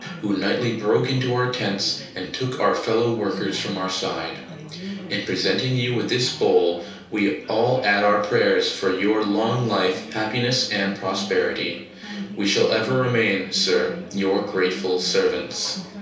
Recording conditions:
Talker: one person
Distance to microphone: 3.0 m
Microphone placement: far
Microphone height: 1.8 m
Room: small (3.7 m by 2.7 m)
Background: babble

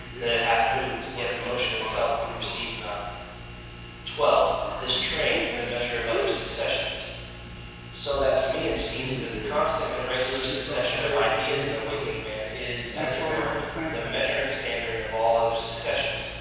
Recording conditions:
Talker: one person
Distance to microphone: 7.1 m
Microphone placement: far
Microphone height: 1.7 m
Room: very reverberant, large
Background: television

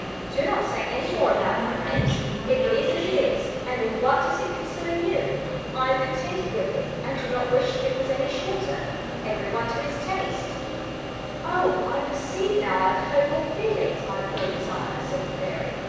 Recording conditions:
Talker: one person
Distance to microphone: 7.1 m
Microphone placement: far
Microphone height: 1.7 m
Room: very reverberant, large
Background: television

